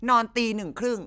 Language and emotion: Thai, angry